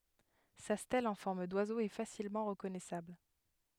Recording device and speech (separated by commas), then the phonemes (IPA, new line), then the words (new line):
headset microphone, read sentence
sa stɛl ɑ̃ fɔʁm dwazo ɛ fasilmɑ̃ ʁəkɔnɛsabl
Sa stèle en forme d'oiseau est facilement reconnaissable.